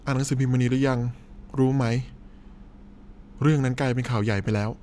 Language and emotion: Thai, sad